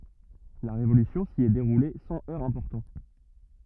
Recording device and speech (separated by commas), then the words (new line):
rigid in-ear microphone, read sentence
La Révolution s’y est déroulée sans heurts importants.